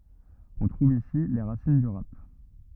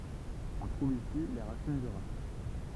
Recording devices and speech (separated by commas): rigid in-ear microphone, temple vibration pickup, read sentence